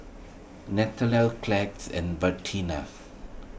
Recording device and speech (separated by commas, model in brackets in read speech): boundary microphone (BM630), read sentence